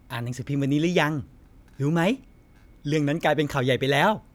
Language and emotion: Thai, happy